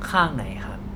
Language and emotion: Thai, neutral